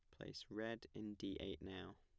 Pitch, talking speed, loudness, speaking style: 100 Hz, 200 wpm, -50 LUFS, plain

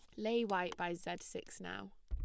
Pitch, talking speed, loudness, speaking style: 170 Hz, 205 wpm, -40 LUFS, plain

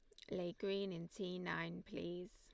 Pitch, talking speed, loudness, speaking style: 185 Hz, 180 wpm, -45 LUFS, Lombard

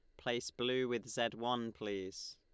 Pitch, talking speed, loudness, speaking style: 120 Hz, 170 wpm, -39 LUFS, Lombard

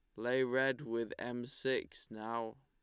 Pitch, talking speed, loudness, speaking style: 120 Hz, 150 wpm, -38 LUFS, Lombard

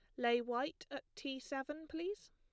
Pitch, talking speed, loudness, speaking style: 280 Hz, 170 wpm, -42 LUFS, plain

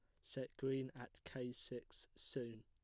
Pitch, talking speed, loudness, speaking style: 125 Hz, 150 wpm, -48 LUFS, plain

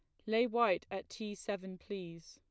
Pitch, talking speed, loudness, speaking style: 200 Hz, 180 wpm, -37 LUFS, plain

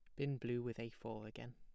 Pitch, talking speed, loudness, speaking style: 115 Hz, 265 wpm, -45 LUFS, plain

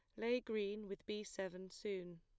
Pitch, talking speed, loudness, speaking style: 205 Hz, 180 wpm, -44 LUFS, plain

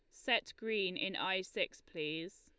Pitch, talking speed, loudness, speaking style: 185 Hz, 165 wpm, -37 LUFS, Lombard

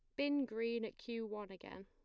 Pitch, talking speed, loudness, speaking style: 230 Hz, 220 wpm, -41 LUFS, plain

